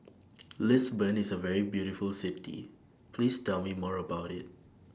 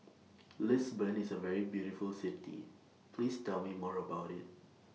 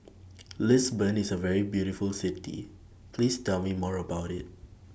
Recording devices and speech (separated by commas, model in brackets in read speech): standing microphone (AKG C214), mobile phone (iPhone 6), boundary microphone (BM630), read sentence